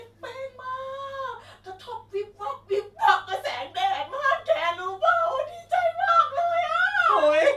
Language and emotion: Thai, happy